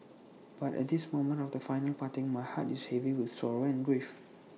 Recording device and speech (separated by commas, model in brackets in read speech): mobile phone (iPhone 6), read sentence